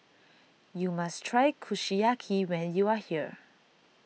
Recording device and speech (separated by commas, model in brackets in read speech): mobile phone (iPhone 6), read sentence